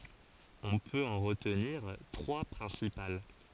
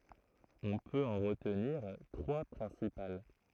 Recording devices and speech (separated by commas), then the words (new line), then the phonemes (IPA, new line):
forehead accelerometer, throat microphone, read sentence
On peut en retenir trois principales.
ɔ̃ pøt ɑ̃ ʁətniʁ tʁwa pʁɛ̃sipal